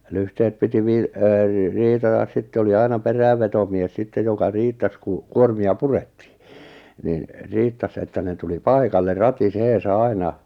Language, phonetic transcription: Finnish, 'lyhtehet piti 'vii- , ee- , 'riitatas 'sitte oli 'aina 'perä̀vvetomies 'sittej joka 'riittas ku , 'kuormi₍a "purettɪɪ , nin , "riittas että ne 'tuli "paikalle 'rati'seesa "aina .
- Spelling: lyhteet piti - - riitata sitten oli aina perävetomies sitten joka riittasi kun kuormia purettiin niin riittasi että ne tuli paikalle ratiseensa aina

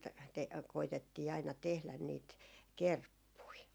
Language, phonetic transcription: Finnish, te- , koitettii aina 'tehlän niit , "kerppui .
- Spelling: - koetettiin aina tehdä niitä kerppuja

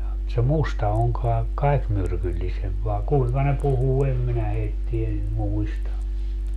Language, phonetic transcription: Finnish, [mu]t se "musta oŋ kai̮ , "kai̮k 'myrkyllisemp vài̮ 'kuiŋka ne 'puhuu 'em minä 'heitti₍ä nim 'muista .
- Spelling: mutta se musta on kai kaikkein myrkyllisempi vai kuinka ne puhuu en minä heitä niin muista

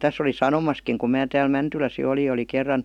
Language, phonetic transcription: Finnish, 'täs ‿oli "sanomaskiŋ kum 'mää 'tääl "Mäntyläs jo oli ja oli 'kerran ,.
- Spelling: tässä olin sanomassakin kun minä täällä Mäntylässä jo oli ja oli kerran

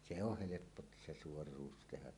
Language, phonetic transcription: Finnish, se oh "heleppo t- , 'se "suor̀uus tehä .
- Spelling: se on helppo - se suoruus tehdä

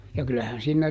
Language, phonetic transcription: Finnish, ja ˈkylähän ˈsiinnä ,.
- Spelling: ja kyllähän siinä

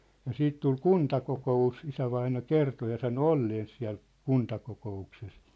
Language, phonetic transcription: Finnish, ja 'siit 'tul "kuntakoko₍us , 'isävaina "kerto ja sano "olleens siä̭l , "kuntakoko₍ukses .
- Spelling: ja sitten tuli kuntakokous isävainaja kertoi ja sanoi olleensa siellä kuntakokouksessa

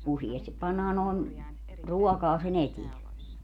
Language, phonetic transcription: Finnish, 'usiestip 'pannaa nòen , "ruɔkaa se'n ‿etiɛ .
- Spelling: useasti pannaan noin ruokaa sen eteen

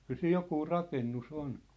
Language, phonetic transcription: Finnish, 'kyl siij "jokuu "rakennu"s ‿on .
- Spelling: kyllä siinä joku rakennus on

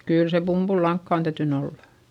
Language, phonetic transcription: Finnish, kỳl se pumBullaŋkkà on täytyn ‿ollA .
- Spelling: kyllä se pumpulilankaa on täytynyt olla

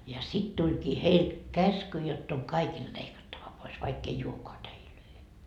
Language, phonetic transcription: Finnish, ja 'sit 'tuĺkii 'heil , 'käsky jott ‿oŋ 'kaikilD 'leikattava pois , vaikk ‿ei 'uokoa "täilöi .
- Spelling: ja sitten tulikin heille käsky jotta on kaikilta leikattava pois vaikka ei olekaan täitä

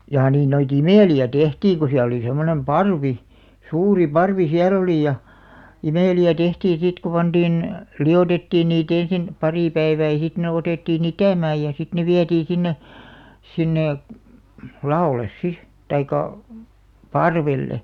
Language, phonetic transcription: Finnish, jaa 'niin noi"t ‿imèli₍ä "tehtiiŋ ku siäl ‿oli 'semmonem "parvi , 'suuri 'parvi "siä'l olì ja , "imèli₍ä 'tehtiin sit ku 'panᴅiin , "li₍otettiin nii't ‿ensin , 'parì 'päivää ja sit ne 'otèttii"n ‿itä̀määj ja sit ne 'viätii sinne , 'sinne , "la₍òl̆§les 'si , taikka , "parvelle .
- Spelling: jaa niin noita imeliä tehtiin kun siellä oli semmoinen parvi suuri parvi siellä oli ja imeliä tehtiin sitten kun pantiin liotettiin niitä ensin pari päivää ja sitten ne otettiin itämään ja sitten ne vietiin sinne sinne lavolle sitten tai parvelle

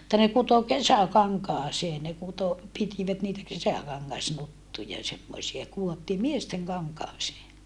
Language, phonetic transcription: Finnish, [mut]ta ne kuto kesäkaŋkaasee ne kuto , pitivät niitä kesäkaŋŋasnuttuja semmosia kuottii miesteŋ kaŋkaasee .
- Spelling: mutta ne kutoi kesäkankaaseen ne kutoi pitivät niitä kesäkangasnuttuja semmoisia kudottiin miesten kankaaseen

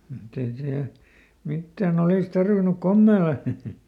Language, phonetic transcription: Finnish, mutt ‿ei siäl , ˈmittääˈn ‿olìs ˈtarvinuk "kommeela !
- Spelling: mutta ei siellä mitään olisi tarvinnut komeilla

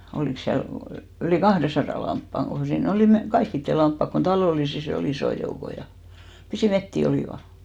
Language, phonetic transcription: Finnish, 'olìks siäl , ylì "kahresarà 'lamppaŋ ɢo sii'n ‿olì 'me- , "kaikkitte 'lamppak kon "talòlisis ‿o'l ‿isò joukoj ja , pisì "metti 'olìva .
- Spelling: olikos siellä yli kahdensadan lampaan kun siinä oli - kaikkien lampaat kun talollisissa oli isoin joukoin ja pisin metsiä olivat

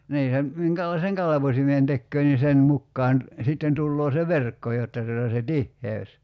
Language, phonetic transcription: Finnish, 'nii (ja) , 'miŋkälaiseŋ "kalavosimen tekköö ni 'sen 'mukkaan , 'sitten 'tulloo se "verkko jotta tuota se "tihheös .
- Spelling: niin ja minkälaisen kalvosimen tekee niin sen mukaan sitten tulee se verkko jotta tuota se tiheys

